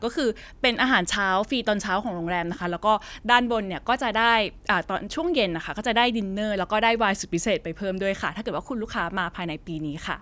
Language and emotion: Thai, neutral